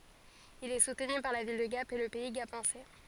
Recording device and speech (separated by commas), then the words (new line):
forehead accelerometer, read sentence
Il est soutenu par la ville de Gap et le Pays gapençais.